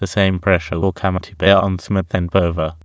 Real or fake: fake